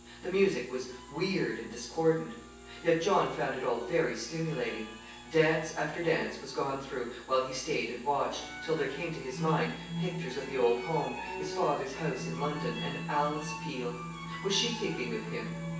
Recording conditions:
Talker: one person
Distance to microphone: 9.8 m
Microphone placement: far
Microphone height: 1.8 m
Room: large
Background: music

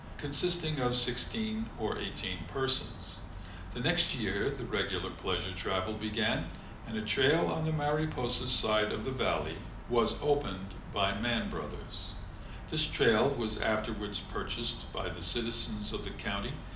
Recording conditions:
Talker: one person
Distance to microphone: 2.0 m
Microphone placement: close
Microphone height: 99 cm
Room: medium-sized (5.7 m by 4.0 m)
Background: none

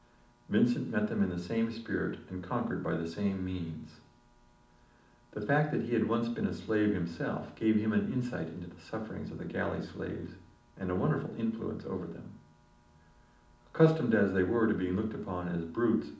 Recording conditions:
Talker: one person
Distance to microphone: 2.0 m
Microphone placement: close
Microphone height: 99 cm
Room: medium-sized (5.7 m by 4.0 m)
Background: none

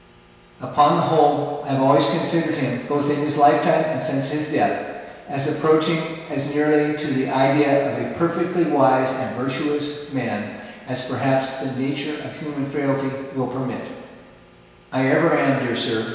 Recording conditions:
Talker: one person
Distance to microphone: 1.7 m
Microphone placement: close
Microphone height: 1.0 m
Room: very reverberant, large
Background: none

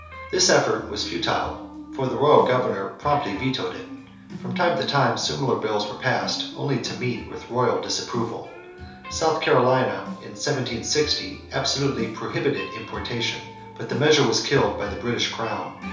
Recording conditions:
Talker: one person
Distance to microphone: 3.0 m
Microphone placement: far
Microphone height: 1.8 m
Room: small (3.7 m by 2.7 m)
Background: music

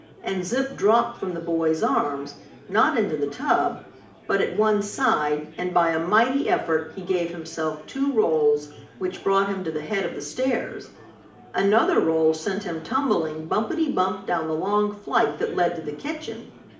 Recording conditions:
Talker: one person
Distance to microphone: 2.0 m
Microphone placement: close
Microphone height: 99 cm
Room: medium-sized (5.7 m by 4.0 m)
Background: babble

